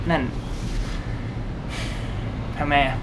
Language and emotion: Thai, frustrated